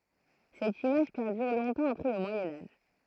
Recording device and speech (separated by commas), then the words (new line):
throat microphone, read sentence
Cette image perdure longtemps après le Moyen Âge.